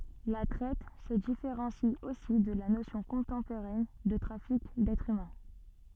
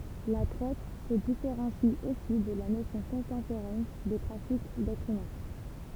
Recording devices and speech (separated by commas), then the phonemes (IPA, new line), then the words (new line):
soft in-ear microphone, temple vibration pickup, read sentence
la tʁɛt sə difeʁɑ̃si osi də la nosjɔ̃ kɔ̃tɑ̃poʁɛn də tʁafik dɛtʁz ymɛ̃
La traite se différencie aussi de la notion contemporaine de trafic d'êtres humains.